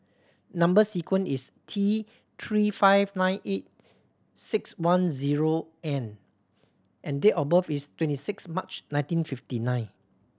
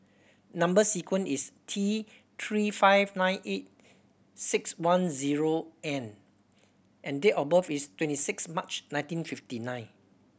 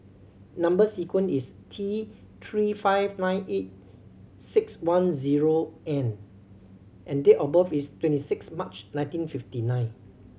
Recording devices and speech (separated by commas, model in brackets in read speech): standing microphone (AKG C214), boundary microphone (BM630), mobile phone (Samsung C7100), read sentence